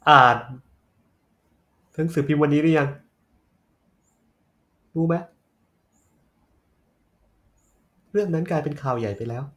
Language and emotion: Thai, sad